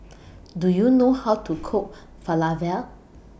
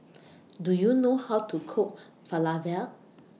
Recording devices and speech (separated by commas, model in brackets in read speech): boundary microphone (BM630), mobile phone (iPhone 6), read sentence